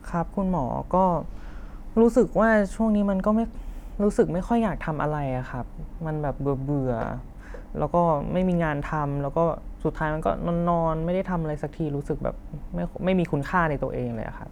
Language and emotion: Thai, frustrated